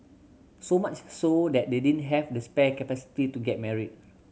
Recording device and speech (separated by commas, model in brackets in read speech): mobile phone (Samsung C7100), read sentence